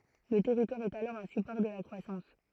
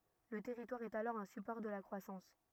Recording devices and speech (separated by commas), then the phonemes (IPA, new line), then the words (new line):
throat microphone, rigid in-ear microphone, read sentence
lə tɛʁitwaʁ ɛt alɔʁ œ̃ sypɔʁ də la kʁwasɑ̃s
Le territoire est alors un support de la croissance.